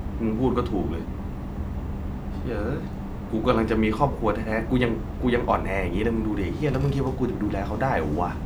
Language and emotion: Thai, frustrated